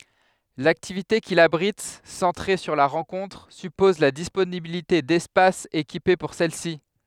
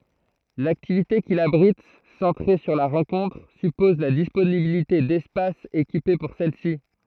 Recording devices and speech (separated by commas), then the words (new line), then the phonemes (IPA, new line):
headset microphone, throat microphone, read sentence
L'activité qu'il abrite, centrée sur la rencontre, suppose la disponibilité d'espaces équipés pour celle-ci.
laktivite kil abʁit sɑ̃tʁe syʁ la ʁɑ̃kɔ̃tʁ sypɔz la disponibilite dɛspasz ekipe puʁ sɛl si